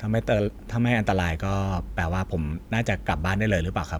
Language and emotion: Thai, neutral